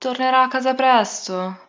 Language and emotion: Italian, sad